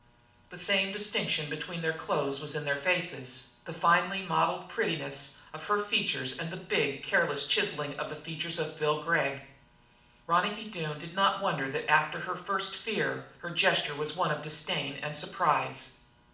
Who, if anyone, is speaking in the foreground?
One person.